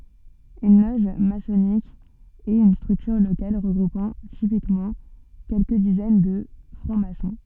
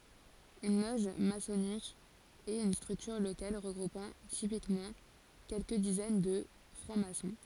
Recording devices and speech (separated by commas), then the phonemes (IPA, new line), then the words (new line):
soft in-ear microphone, forehead accelerometer, read sentence
yn lɔʒ masɔnik ɛt yn stʁyktyʁ lokal ʁəɡʁupɑ̃ tipikmɑ̃ kɛlkə dizɛn də fʁɑ̃ksmasɔ̃
Une loge maçonnique est une structure locale regroupant typiquement quelques dizaines de francs-maçons.